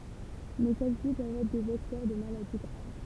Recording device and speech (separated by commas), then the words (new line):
temple vibration pickup, read sentence
Mais celles-ci peuvent être des vecteurs de maladies graves.